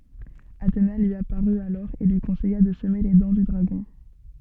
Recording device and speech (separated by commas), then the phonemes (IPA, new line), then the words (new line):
soft in-ear microphone, read sentence
atena lyi apaʁy alɔʁ e lyi kɔ̃sɛja də səme le dɑ̃ dy dʁaɡɔ̃
Athéna lui apparut alors et lui conseilla de semer les dents du dragon.